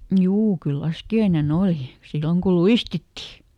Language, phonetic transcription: Finnish, "juu ˈkyl "laskiaineˈn ‿olì , ˈsilloŋ kul̆ "luistitti !
- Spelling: juu kyllä laskiainen oli silloin kun luistittiin

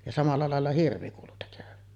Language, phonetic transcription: Finnish, ja 'samalla làella "hirvi kuulu tekövän .
- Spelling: ja samalla lailla hirvi kuului tekevän

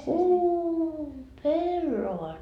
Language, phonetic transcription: Finnish, "uu , "pellovaat .
- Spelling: uu pellavat

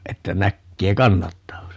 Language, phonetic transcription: Finnish, 'että 'näkkee "kannattaako se .
- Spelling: että näkee kannattaako se

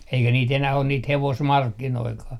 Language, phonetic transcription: Finnish, eikä niit 'enäh ‿on niit "hevosmarkkinoikaa .
- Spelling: eikä niitä enää ole niitä hevosmarkkinoitakaan

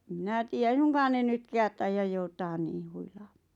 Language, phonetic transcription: Finnish, em "mⁱnä tii₍ä 'ei suŋkaan ne 'nytkäät taijaj 'joutaan niiʰ 'huilaaᴍᴀᴀ .
- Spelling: en minä tiedä ei suinkaan ne nytkään taida joutaa niin huilaamaan

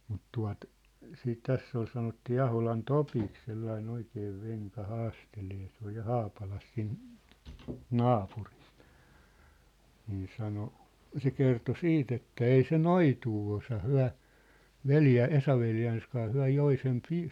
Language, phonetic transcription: Finnish, mut 'tua̭t , siit 'täss ‿ol sanottii "Aholan "Topik sellain 'oikee 'veŋka 'haastelee se ‿oj ja "Haapalas 'si̳n , "naapurɪs , 'nii 'sano , 'se kerto "siit ‿että » "ei se "noituu osa 'hyä̭ , "veljä- , 'Esaveljääns kaa 'hyä̭ "joi sem pi- ,. «
- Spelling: mutta tuota siitä tässä oli sanottiin Aholan Topiksi sellainen oikea venka haastelemaan se oli ja Haapalassa siinä naapurissa niin sanoi se kertoi sitten että ei se noitua osaa he - Esa-veljensä kanssa he joi sen -

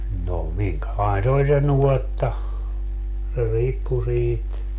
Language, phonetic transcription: Finnish, no 'miŋkälain se oĺ se "nuɔtta , se 'riippu 'siit .
- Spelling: no minkälainen se oli se nuotta se riippui siitä

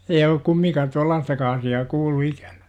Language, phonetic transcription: Finnish, ei olluk "kummiŋkaa 'tuallaastaka asi₍aa 'kuullu 'ikÄNÄ .
- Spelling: ei ollut kumminkaan tuollaistakaan asiaa kuullut ikänään

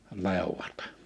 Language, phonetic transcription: Finnish, 'lèuwat .
- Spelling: leuat

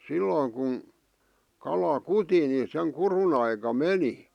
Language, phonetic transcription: Finnish, 'silloiŋ kun , kala "kuti ni seŋ "kurun ‿aika "meni .
- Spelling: silloin kun kala kuti niin sen kudun aikaan meni

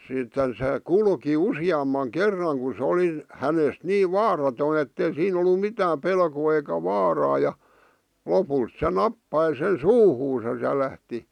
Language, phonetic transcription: Finnish, sitten se , "kulki "usi₍ammaŋ "kerraŋ ku sᵉ 'oli , 'hänest 'nii "vaaratoi ettei 'siin ‿ollu "mitääm 'pelkoo eikä "vaaraa ja , "lopuit se "nappai sen "suuhuusas ja 'lähti ,.
- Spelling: sitten se kulki useamman kerran kun se oli hänestä niin vaaraton että ei siinä ollut mitään pelkoa eikä vaaraa ja lopulta se nappasi sen suuhunsa ja lähti

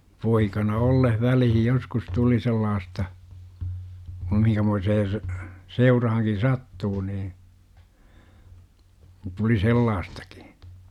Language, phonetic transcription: Finnish, 'poikana "olleh 'välihij 'joskus 'tuli 'sellaasta , kum 'mihiŋkämoisee s- , 'seurahaŋkin̬ "sattuu nii , tuli 'sellaastAkI .
- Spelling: poikana ollessa väliin joskus tuli sellaista kuin minkämoiseen - seuraankin sattuu niin tuli sellaistakin

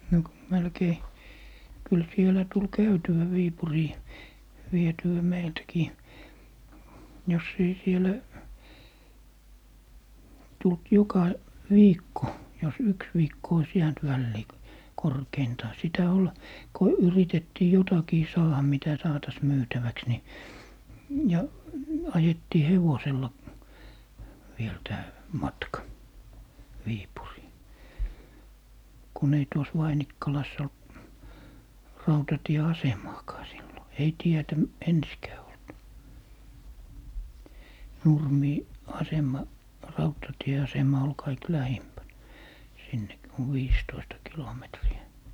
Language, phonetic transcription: Finnish, no , 'melkei , kyl 'sielä tul "käytywä 'Viipurii , 'viety₍ä 'meiltkii , jos ‿ei 'sielä , tult 'joka , "viikko , jos "yks 'viikko ois jäänt 'vällii , 'korkeintaa , 'sitä 'ol , 'ko 'yritettii "jotakii 'saaha mitä 'saatas 'myytäväks ni , ja , 'ajettii "hevosella , viel tää , "matka , 'Viipurii , 'kun ‿ei 'tuos "Vainikkalas ‿olt , 'rautatie"asemaakaa sillo , ei 'tietä , "ensikää olt , "Nurmii- , "asem̀a , "rautatie₍asema ol 'kaik "lähimpän , sinnek- , on "viistoista 'kilometri₍ä .
- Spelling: no melkein kyllä siellä tuli käytyä Viipuriin vietyä meiltäkin jos ei siellä tullut joka viikko jos yksi viikko olisi jäänyt väliin korkeintaan sitä oli kun yritettiin jotakin saada mitä saataisiin myytäväksi niin ja ajettiin hevosella vielä tämä matka Viipuriin kun ei tuossa Vainikkalassa ollut rautatieasemaakaan silloin ei tietä ensinkään ollut - asema rautatieasema oli kaikkein lähimpänä sinne on viisitoista kilometriä

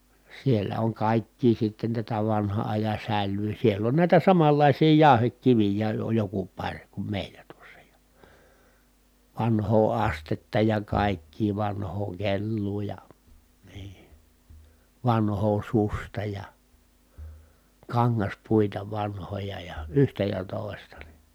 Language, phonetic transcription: Finnish, sielä oŋ kàikkii sitten tätä vanha ajan̬ säl̆lyy siell ‿on nä̀itä samallàisii jàu̬hekkivij̀ää (oj) joku paŕ kum mèilä tuossa ja , vanhoo astetta ja kàikkii vanhoo kelluu ja , nii , vanhoo susta ja , kaŋŋaspuita vanhoja ja , yhtä ja tòi̮sta .
- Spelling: siellä on kaikkea sitten tätä vanhan ajan sälyä siellä on näitä samanlaisia jauhekiviäkin on joku pari kun meillä tuossa ja vanhaa astetta ja kaikkea vanhaa kelloa ja niin vanhaa suksea ja kangaspuita vanhoja ja yhtä ja toista

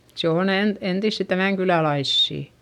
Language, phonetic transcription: Finnish, se on ‿en- , entissi tämä̀ŋkylälaissì .
- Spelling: se on - entisiä tämänkyläläisiä

